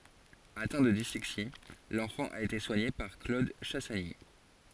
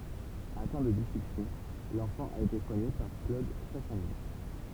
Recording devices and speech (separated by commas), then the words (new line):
forehead accelerometer, temple vibration pickup, read sentence
Atteint de dyslexie, l'enfant a été soigné par Claude Chassagny.